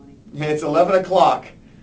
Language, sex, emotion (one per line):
English
male
neutral